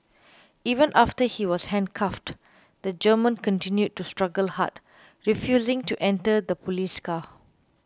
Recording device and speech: close-talking microphone (WH20), read sentence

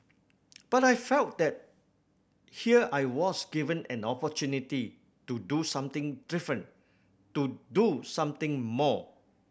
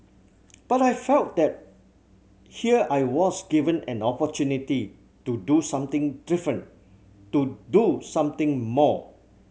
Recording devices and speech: boundary microphone (BM630), mobile phone (Samsung C7100), read sentence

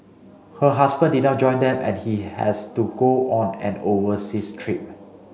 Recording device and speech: mobile phone (Samsung C5), read sentence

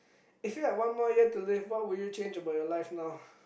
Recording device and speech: boundary microphone, conversation in the same room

